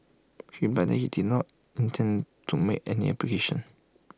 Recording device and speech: close-talking microphone (WH20), read sentence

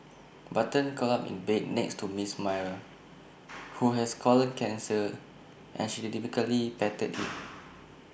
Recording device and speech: boundary microphone (BM630), read sentence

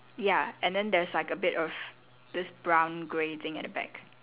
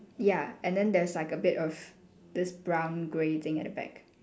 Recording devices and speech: telephone, standing microphone, conversation in separate rooms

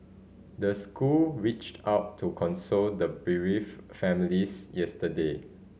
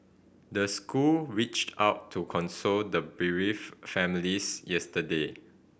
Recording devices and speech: mobile phone (Samsung C5010), boundary microphone (BM630), read sentence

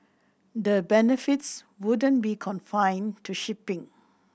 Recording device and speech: boundary microphone (BM630), read sentence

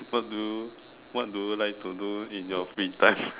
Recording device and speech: telephone, conversation in separate rooms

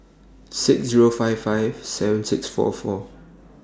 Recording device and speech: standing microphone (AKG C214), read sentence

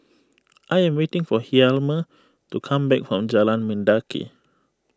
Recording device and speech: close-talking microphone (WH20), read sentence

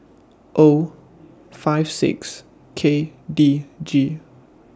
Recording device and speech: standing microphone (AKG C214), read sentence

